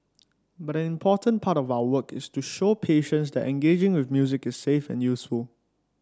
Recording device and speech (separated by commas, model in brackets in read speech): standing microphone (AKG C214), read sentence